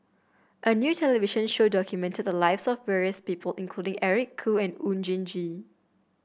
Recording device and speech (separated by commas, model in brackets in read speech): boundary microphone (BM630), read sentence